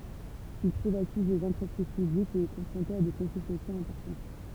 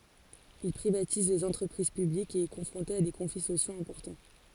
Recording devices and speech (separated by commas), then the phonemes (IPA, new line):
temple vibration pickup, forehead accelerometer, read sentence
il pʁivatiz lez ɑ̃tʁəpʁiz pyblikz e ɛ kɔ̃fʁɔ̃te a de kɔ̃fli sosjoz ɛ̃pɔʁtɑ̃